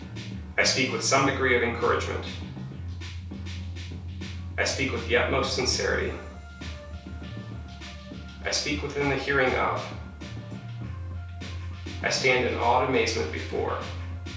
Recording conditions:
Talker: one person; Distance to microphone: 3.0 m; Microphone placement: far; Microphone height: 1.8 m; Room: small (3.7 m by 2.7 m); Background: music

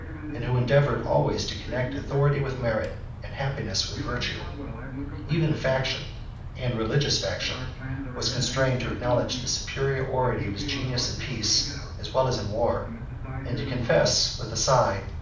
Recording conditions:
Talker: one person; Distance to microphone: 5.8 m; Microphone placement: far; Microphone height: 1.8 m; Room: medium-sized (5.7 m by 4.0 m); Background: television

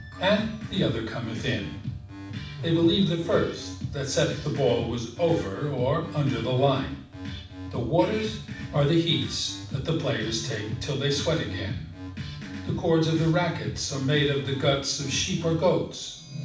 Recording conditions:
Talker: one person; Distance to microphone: 5.8 m; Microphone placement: far; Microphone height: 1.8 m; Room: medium-sized (5.7 m by 4.0 m); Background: music

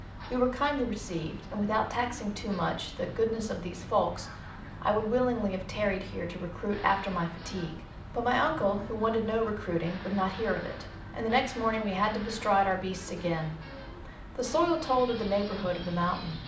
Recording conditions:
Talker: one person; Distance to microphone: 2.0 m; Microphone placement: close; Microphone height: 99 cm; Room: medium-sized (5.7 m by 4.0 m); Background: television

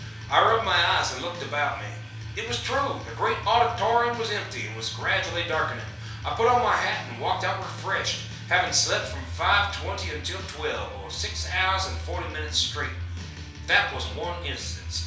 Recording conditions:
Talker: one person; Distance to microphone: 3.0 m; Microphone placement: far; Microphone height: 1.8 m; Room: small (3.7 m by 2.7 m); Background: music

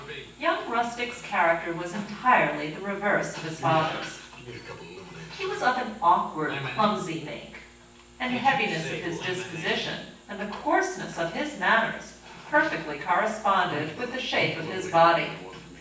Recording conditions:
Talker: one person; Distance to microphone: 9.8 m; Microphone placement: far; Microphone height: 1.8 m; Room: large; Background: television

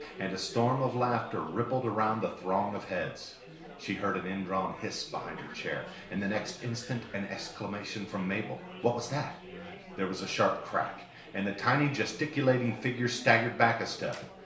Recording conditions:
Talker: one person; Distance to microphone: 1.0 m; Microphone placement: close; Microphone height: 1.1 m; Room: small (3.7 m by 2.7 m); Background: babble

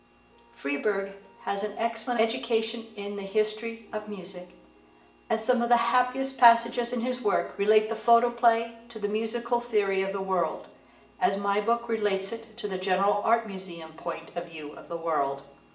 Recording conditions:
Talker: one person; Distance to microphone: 1.8 m; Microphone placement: close; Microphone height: 1.0 m; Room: large; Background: music

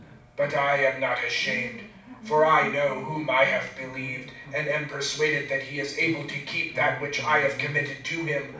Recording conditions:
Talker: one person; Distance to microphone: 5.8 m; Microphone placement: far; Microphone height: 1.8 m; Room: medium-sized (5.7 m by 4.0 m); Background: television

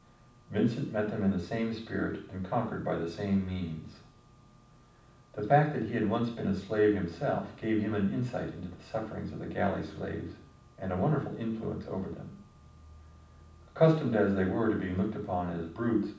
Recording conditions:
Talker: one person; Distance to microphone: 5.8 m; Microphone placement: far; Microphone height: 1.8 m; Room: medium-sized (5.7 m by 4.0 m); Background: none

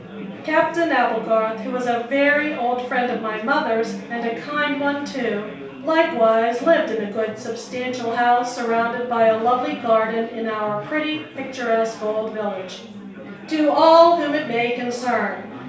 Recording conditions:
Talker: one person; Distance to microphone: 3.0 m; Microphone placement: far; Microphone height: 1.8 m; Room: small (3.7 m by 2.7 m); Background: babble

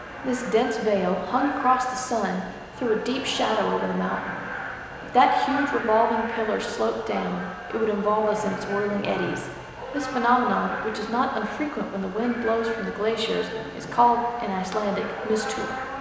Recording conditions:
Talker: one person; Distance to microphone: 1.7 m; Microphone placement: close; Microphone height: 1.0 m; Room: very reverberant, large; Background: television

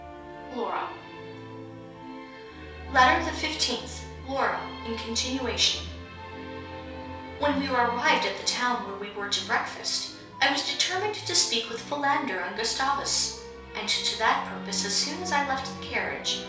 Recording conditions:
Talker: one person; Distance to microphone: 3.0 m; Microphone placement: far; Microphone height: 1.8 m; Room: small (3.7 m by 2.7 m); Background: music

